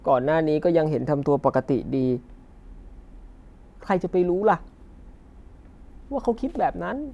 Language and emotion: Thai, frustrated